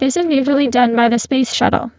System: VC, spectral filtering